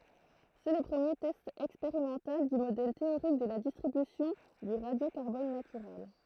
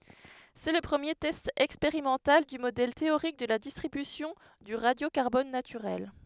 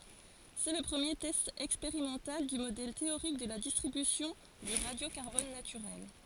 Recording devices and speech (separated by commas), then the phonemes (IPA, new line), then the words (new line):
throat microphone, headset microphone, forehead accelerometer, read sentence
sɛ lə pʁəmje tɛst ɛkspeʁimɑ̃tal dy modɛl teoʁik də la distʁibysjɔ̃ dy ʁadjokaʁbɔn natyʁɛl
C’est le premier test expérimental du modèle théorique de la distribution du radiocarbone naturel.